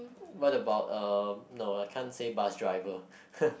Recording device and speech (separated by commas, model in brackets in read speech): boundary microphone, conversation in the same room